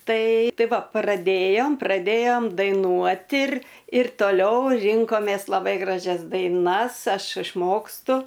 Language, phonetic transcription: Lithuanian, ˈtai ˈtai ˈva praˈdėjom praˈdėjom daiˈnuot ir ir toˈliau ˈrinkomės laˈbai graˈžias daiˈnas ˈaš išˈmokstu

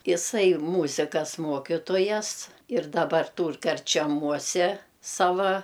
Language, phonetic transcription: Lithuanian, iˈsai ˈmūzikas ˈmuokitojas ir daˈbar ˈtūr karčeˈmuose ˈsava

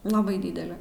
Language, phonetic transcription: Lithuanian, laˈbai ˈdydeli

